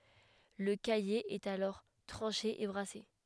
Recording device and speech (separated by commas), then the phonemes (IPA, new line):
headset microphone, read sentence
lə kaje ɛt alɔʁ tʁɑ̃ʃe e bʁase